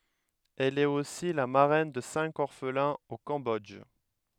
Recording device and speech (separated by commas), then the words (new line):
headset microphone, read sentence
Elle est aussi la marraine de cinq orphelins au Cambodge.